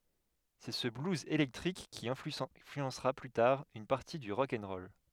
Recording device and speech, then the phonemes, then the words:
headset microphone, read sentence
sɛ sə bluz elɛktʁik ki ɛ̃flyɑ̃sʁa ply taʁ yn paʁti dy ʁɔk ɛn ʁɔl
C'est ce blues électrique qui influencera, plus tard, une partie du rock 'n' roll.

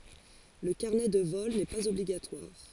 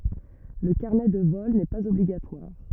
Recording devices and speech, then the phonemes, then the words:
forehead accelerometer, rigid in-ear microphone, read sentence
lə kaʁnɛ də vɔl nɛ paz ɔbliɡatwaʁ
Le carnet de vol n'est pas obligatoire.

